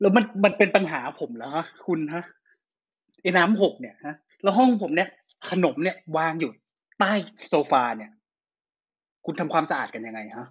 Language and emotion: Thai, angry